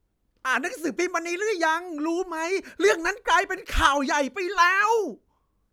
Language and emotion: Thai, angry